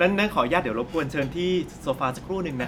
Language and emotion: Thai, neutral